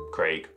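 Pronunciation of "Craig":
'Craig' is said the British English way, rhyming with 'vague' and not sounding like 'Greg'.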